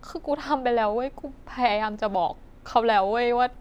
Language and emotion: Thai, sad